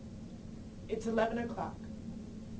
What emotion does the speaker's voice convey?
neutral